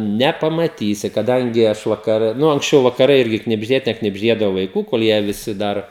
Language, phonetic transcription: Lithuanian, nepamaˈtysi kaˈdangi ˈaš vakaˈre ˈnu anksˈčiau vakaˈrai ˈirgi knibžˈdėte knibžˈdėdavo vaiˈkų kol ˈjie viˈsi ˈdar

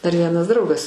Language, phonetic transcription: Lithuanian, dar ˈvienas ˈdraugas

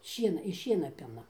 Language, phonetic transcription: Lithuanian, ˈšiena iš ˈšiena ˈpina

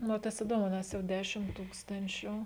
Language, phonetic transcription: Lithuanian, nu o ˈtas iˈdomu ˈnes jau ˈdešim ˈtūkstančiu

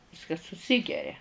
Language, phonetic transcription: Lithuanian, ˈviskas suˈsigeria

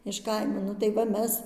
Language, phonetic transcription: Lithuanian, iš ˈkaimo ˈnu tai ˈva ˈmes

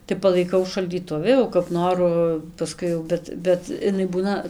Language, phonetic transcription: Lithuanian, tai palaiˈkau šaldyˈtuvi o kap ˈnoru paˈskui jau ˈbet ˈbet iˈnai ˈbūna

